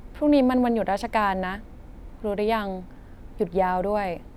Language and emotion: Thai, frustrated